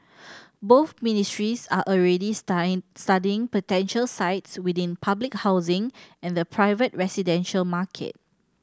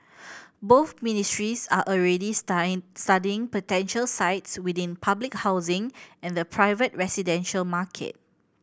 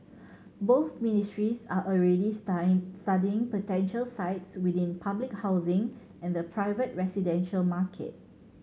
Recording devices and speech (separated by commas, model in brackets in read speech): standing microphone (AKG C214), boundary microphone (BM630), mobile phone (Samsung C7100), read sentence